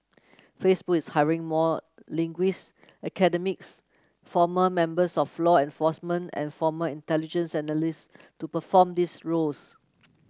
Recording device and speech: close-talking microphone (WH30), read sentence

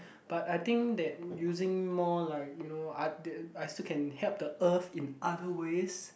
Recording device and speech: boundary microphone, conversation in the same room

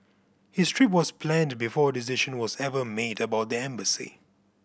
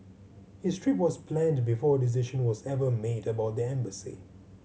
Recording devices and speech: boundary microphone (BM630), mobile phone (Samsung C7100), read sentence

